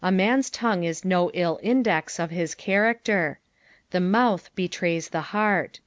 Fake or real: real